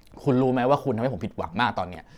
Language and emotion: Thai, frustrated